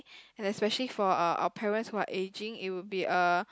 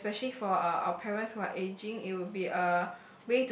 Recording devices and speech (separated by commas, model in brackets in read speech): close-talking microphone, boundary microphone, conversation in the same room